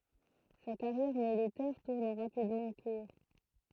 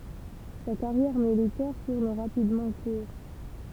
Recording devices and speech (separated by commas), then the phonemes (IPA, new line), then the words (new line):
throat microphone, temple vibration pickup, read sentence
sa kaʁjɛʁ militɛʁ tuʁn ʁapidmɑ̃ kuʁ
Sa carrière militaire tourne rapidement court.